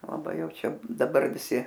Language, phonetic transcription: Lithuanian, laˈbai ˈjau ˈčia ˈdabar viˈsi

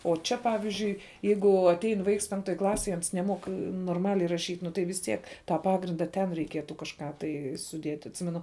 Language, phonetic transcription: Lithuanian, o ˈčia ˈpavizdžiui ˈjeigu atˈein ˈvaiks ˈpenktoj ˈklasėj ˈans neˈmuok norˈmaliai raˈšyt' nu tai vis ˈtiek tą ˈpagrinda ten reiˈkietu kažˈką tai suˈdiet' atˈsimenu

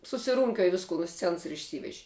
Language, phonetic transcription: Lithuanian, susiˈrūnkiuoj ˈvisku nu ˈscens ir išˈsyveži

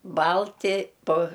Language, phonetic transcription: Lithuanian, ˈbalti po

